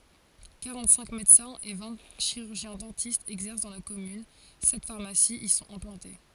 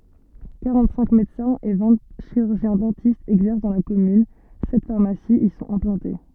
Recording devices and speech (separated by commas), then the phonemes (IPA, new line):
forehead accelerometer, soft in-ear microphone, read sentence
kaʁɑ̃tsɛ̃k medəsɛ̃z e vɛ̃ ʃiʁyʁʒjɛ̃zdɑ̃tistz ɛɡzɛʁs dɑ̃ la kɔmyn sɛt faʁmasiz i sɔ̃t ɛ̃plɑ̃te